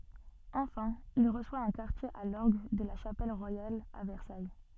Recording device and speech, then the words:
soft in-ear microphone, read sentence
Enfin, il reçoit un quartier à l'orgue de la Chapelle royale à Versailles.

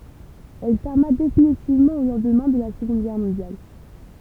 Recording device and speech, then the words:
temple vibration pickup, read sentence
Elle ferma définitivement au lendemain de la Seconde Guerre mondiale.

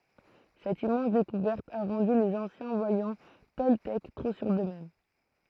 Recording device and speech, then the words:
throat microphone, read sentence
Cette immense découverte a rendu les anciens voyants toltèques trop sûrs d'eux-mêmes.

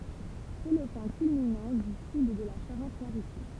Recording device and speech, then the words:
temple vibration pickup, read sentence
C'est le point culminant du sud de la Charente-Maritime.

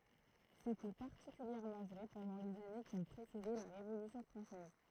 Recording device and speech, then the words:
throat microphone, read sentence
C'était particulièrement vrai pendant les années qui ont précédé la Révolution française.

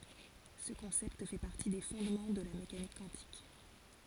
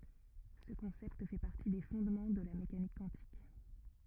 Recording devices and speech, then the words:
forehead accelerometer, rigid in-ear microphone, read sentence
Ce concept fait partie des fondements de la mécanique quantique.

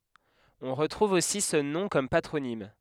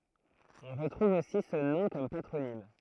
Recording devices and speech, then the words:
headset microphone, throat microphone, read sentence
On retrouve aussi ce nom comme patronyme.

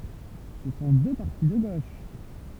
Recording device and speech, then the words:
temple vibration pickup, read sentence
Ce sont deux partis de gauche.

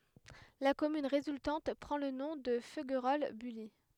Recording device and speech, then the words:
headset microphone, read sentence
La commune résultante prend le nom de Feuguerolles-Bully.

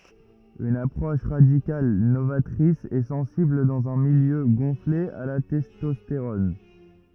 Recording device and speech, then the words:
rigid in-ear microphone, read sentence
Une approche radicale, novatrice et sensible dans un milieu gonflé à la testostérone.

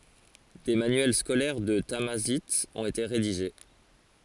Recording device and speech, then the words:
forehead accelerometer, read sentence
Des manuels scolaires de tamazight ont été rédigés.

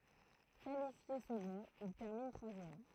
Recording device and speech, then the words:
throat microphone, read sentence
Qualifié second, il termine troisième.

